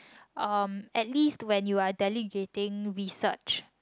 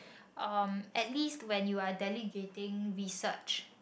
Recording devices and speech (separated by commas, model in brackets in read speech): close-talking microphone, boundary microphone, conversation in the same room